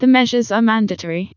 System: TTS, vocoder